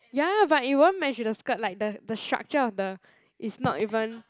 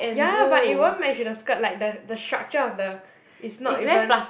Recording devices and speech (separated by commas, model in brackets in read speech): close-talking microphone, boundary microphone, conversation in the same room